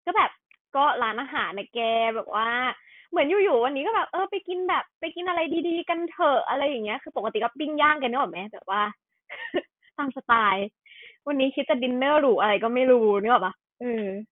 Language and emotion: Thai, happy